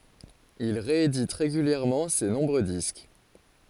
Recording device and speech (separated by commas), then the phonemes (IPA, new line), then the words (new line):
forehead accelerometer, read sentence
il ʁeedit ʁeɡyljɛʁmɑ̃ se nɔ̃bʁø disk
Il réédite régulièrement ses nombreux disques.